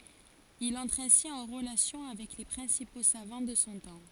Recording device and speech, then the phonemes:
forehead accelerometer, read sentence
il ɑ̃tʁ ɛ̃si ɑ̃ ʁəlasjɔ̃ avɛk le pʁɛ̃sipo savɑ̃ də sɔ̃ tɑ̃

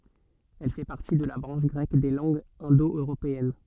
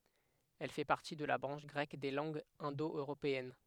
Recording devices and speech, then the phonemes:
soft in-ear microphone, headset microphone, read sentence
ɛl fɛ paʁti də la bʁɑ̃ʃ ɡʁɛk de lɑ̃ɡz ɛ̃do øʁopeɛn

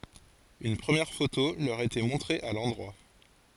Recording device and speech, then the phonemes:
forehead accelerometer, read sentence
yn pʁəmjɛʁ foto lœʁ etɛ mɔ̃tʁe a lɑ̃dʁwa

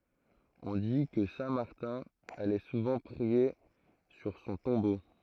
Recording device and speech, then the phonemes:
throat microphone, read sentence
ɔ̃ di kə sɛ̃ maʁtɛ̃ alɛ suvɑ̃ pʁie syʁ sɔ̃ tɔ̃bo

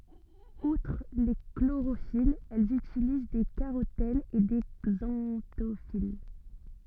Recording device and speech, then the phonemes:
soft in-ear microphone, read sentence
utʁ le kloʁofilz ɛlz ytiliz de kaʁotɛnz e de ɡzɑ̃tofil

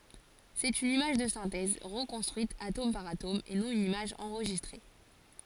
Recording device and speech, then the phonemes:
forehead accelerometer, read sentence
sɛt yn imaʒ də sɛ̃tɛz ʁəkɔ̃stʁyit atom paʁ atom e nɔ̃ yn imaʒ ɑ̃ʁʒistʁe

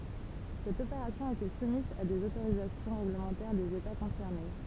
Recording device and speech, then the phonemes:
temple vibration pickup, read sentence
sɛt opeʁasjɔ̃ etɛ sumiz a dez otoʁizasjɔ̃ ʁeɡləmɑ̃tɛʁ dez eta kɔ̃sɛʁne

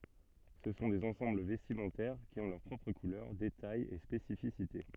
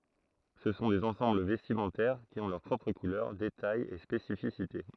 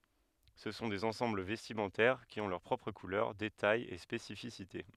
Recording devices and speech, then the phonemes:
soft in-ear microphone, throat microphone, headset microphone, read sentence
sə sɔ̃ dez ɑ̃sɑ̃bl vɛstimɑ̃tɛʁ ki ɔ̃ lœʁ pʁɔpʁ kulœʁ detajz e spesifisite

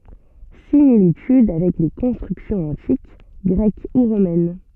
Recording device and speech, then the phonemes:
soft in-ear microphone, read sentence
similityd avɛk le kɔ̃stʁyksjɔ̃z ɑ̃tik ɡʁɛk u ʁomɛn

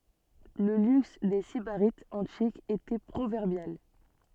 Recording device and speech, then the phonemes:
soft in-ear microphone, read sentence
lə lyks de sibaʁitz ɑ̃tikz etɛ pʁovɛʁbjal

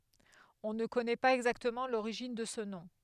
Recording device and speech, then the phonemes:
headset microphone, read sentence
ɔ̃ nə kɔnɛ paz ɛɡzaktəmɑ̃ loʁiʒin də sə nɔ̃

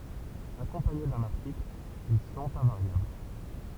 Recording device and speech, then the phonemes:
temple vibration pickup, read sentence
akɔ̃paɲe dœ̃n aʁtikl il sɔ̃t ɛ̃vaʁjabl

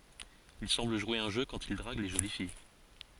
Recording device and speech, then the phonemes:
forehead accelerometer, read sentence
il sɑ̃bl ʒwe œ̃ ʒø kɑ̃t il dʁaɡ le ʒoli fij

